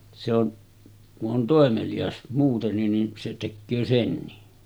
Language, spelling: Finnish, se on kun on toimelias muutenkin niin se tekee senkin
- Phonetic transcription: se ‿on , ku’ ’on 'tòemeliʲas muutennin nin , se 'tekköö 'senni .

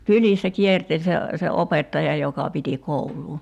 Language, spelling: Finnish, kylissä kierteli se se opettaja joka piti koulua
- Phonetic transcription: "kylissä 'kierteĺ se , se 'opettaja joka piti 'koul̀uu .

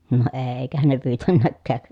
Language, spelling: Finnish, no eikähän ne pyytäneetkään
- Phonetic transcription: no eei̮kähän ne pyytännäkkääk .

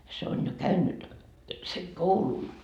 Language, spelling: Finnish, se on jo käynyt sen koulun
- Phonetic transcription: se on jo "käynnyt , seŋ "koulun .

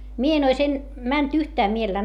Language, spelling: Finnish, minä en olisi - mennyt yhtään mielellään
- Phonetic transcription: mie en ‿ois en- , mänt yhtää mielellää .

